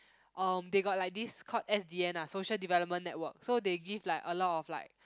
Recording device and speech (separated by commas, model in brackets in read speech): close-talking microphone, conversation in the same room